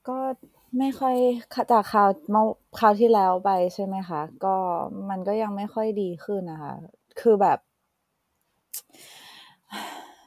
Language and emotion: Thai, frustrated